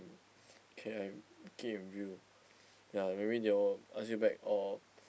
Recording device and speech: boundary microphone, conversation in the same room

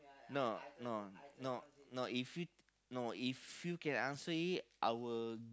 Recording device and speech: close-talking microphone, conversation in the same room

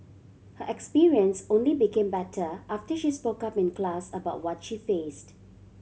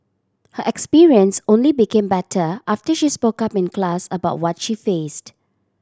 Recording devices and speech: mobile phone (Samsung C7100), standing microphone (AKG C214), read sentence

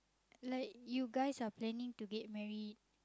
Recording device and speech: close-talking microphone, conversation in the same room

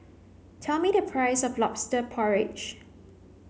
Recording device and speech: mobile phone (Samsung C9), read sentence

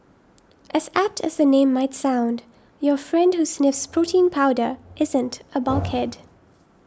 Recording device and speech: standing microphone (AKG C214), read sentence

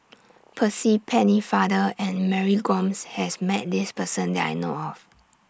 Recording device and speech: standing microphone (AKG C214), read sentence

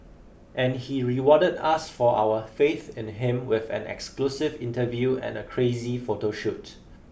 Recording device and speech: boundary microphone (BM630), read sentence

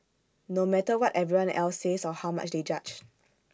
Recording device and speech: standing microphone (AKG C214), read sentence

